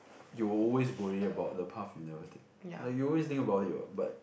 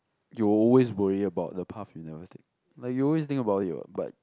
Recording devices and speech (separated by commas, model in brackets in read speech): boundary microphone, close-talking microphone, conversation in the same room